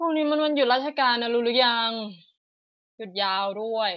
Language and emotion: Thai, frustrated